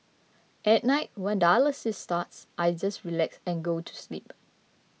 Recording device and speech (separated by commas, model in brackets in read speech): mobile phone (iPhone 6), read sentence